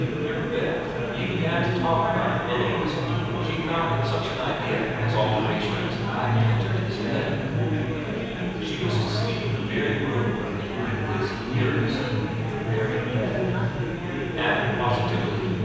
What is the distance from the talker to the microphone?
7.1 m.